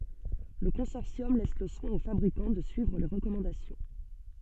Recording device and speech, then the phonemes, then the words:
soft in-ear microphone, read sentence
lə kɔ̃sɔʁsjɔm lɛs lə swɛ̃ o fabʁikɑ̃ də syivʁ le ʁəkɔmɑ̃dasjɔ̃
Le consortium laisse le soin aux fabricants de suivre les recommandations.

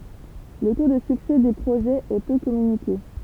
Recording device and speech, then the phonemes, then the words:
temple vibration pickup, read sentence
lə to də syksɛ de pʁoʒɛz ɛ pø kɔmynike
Le taux de succès des projets est peu communiqué.

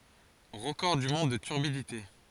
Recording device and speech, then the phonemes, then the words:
forehead accelerometer, read sentence
ʁəkɔʁ dy mɔ̃d də tyʁbidite
Record du monde de turbidité.

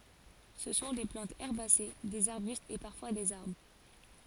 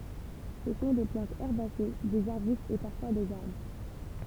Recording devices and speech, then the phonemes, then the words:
forehead accelerometer, temple vibration pickup, read sentence
sə sɔ̃ de plɑ̃tz ɛʁbase dez aʁbystz e paʁfwa dez aʁbʁ
Ce sont des plantes herbacées, des arbustes et parfois des arbres.

